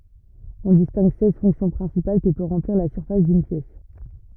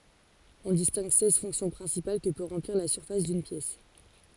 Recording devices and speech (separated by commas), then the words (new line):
rigid in-ear microphone, forehead accelerometer, read sentence
On distingue seize fonctions principales que peut remplir la surface d'une pièce.